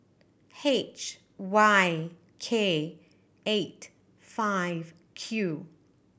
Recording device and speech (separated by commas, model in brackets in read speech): boundary microphone (BM630), read sentence